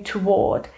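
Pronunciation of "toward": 'Toward' is pronounced correctly here.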